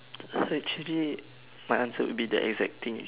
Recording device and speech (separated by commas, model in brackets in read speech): telephone, conversation in separate rooms